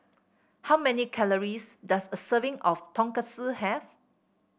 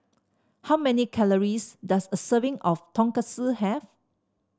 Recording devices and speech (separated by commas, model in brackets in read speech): boundary microphone (BM630), standing microphone (AKG C214), read sentence